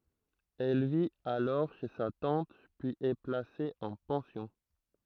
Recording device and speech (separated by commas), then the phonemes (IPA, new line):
throat microphone, read sentence
ɛl vit alɔʁ ʃe sa tɑ̃t pyiz ɛ plase ɑ̃ pɑ̃sjɔ̃